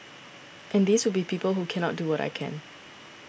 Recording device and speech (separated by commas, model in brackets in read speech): boundary microphone (BM630), read sentence